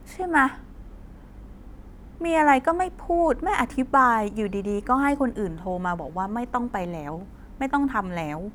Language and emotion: Thai, frustrated